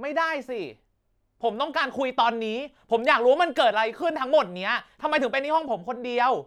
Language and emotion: Thai, angry